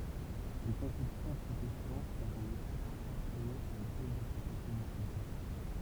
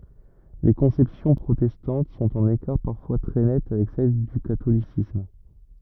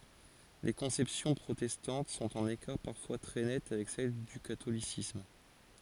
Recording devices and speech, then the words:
temple vibration pickup, rigid in-ear microphone, forehead accelerometer, read sentence
Les conceptions protestantes sont en écart parfois très net avec celle du catholicisme.

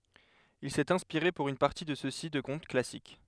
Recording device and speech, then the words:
headset microphone, read sentence
Il s'est inspiré pour une partie de ceux-ci de contes classiques.

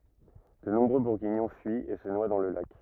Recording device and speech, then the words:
rigid in-ear microphone, read sentence
De nombreux Bourguignons fuient et se noient dans le lac.

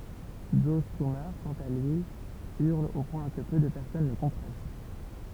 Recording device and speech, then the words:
temple vibration pickup, read sentence
Joe Strummer, quant à lui, hurle au point que peu de personnes le comprennent.

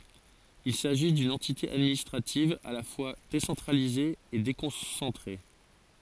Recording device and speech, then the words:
forehead accelerometer, read sentence
Il s'agit d'une entité administrative à la fois décentralisée et déconcentrée.

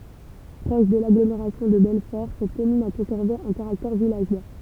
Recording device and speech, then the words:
temple vibration pickup, read sentence
Proche de l'agglomération de Belfort, cette commune a conservé un caractère villageois.

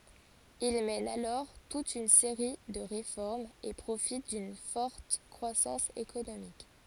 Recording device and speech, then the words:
forehead accelerometer, read sentence
Il mène alors toute une série de réformes et profite d'une forte croissance économique.

